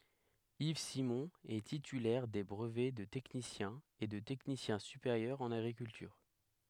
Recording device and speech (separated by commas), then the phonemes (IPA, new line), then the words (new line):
headset microphone, read sentence
iv simɔ̃ ɛ titylɛʁ de bʁəvɛ də tɛknisjɛ̃ e də tɛknisjɛ̃ sypeʁjœʁ ɑ̃n aɡʁikyltyʁ
Yves Simon est titulaire des brevets de technicien et de technicien supérieur en agriculture.